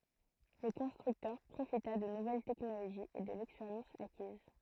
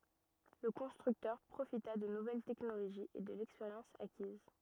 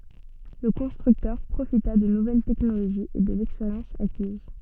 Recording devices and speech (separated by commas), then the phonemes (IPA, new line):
throat microphone, rigid in-ear microphone, soft in-ear microphone, read sentence
lə kɔ̃stʁyktœʁ pʁofita də nuvɛl tɛknoloʒiz e də lɛkspeʁjɑ̃s akiz